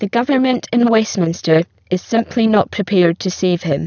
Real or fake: fake